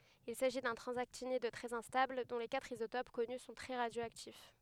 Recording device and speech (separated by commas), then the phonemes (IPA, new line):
headset microphone, read sentence
il saʒi dœ̃ tʁɑ̃zaktinid tʁɛz ɛ̃stabl dɔ̃ le katʁ izotop kɔny sɔ̃ tʁɛ ʁadjoaktif